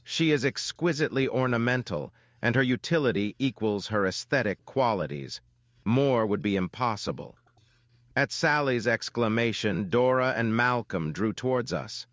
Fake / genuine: fake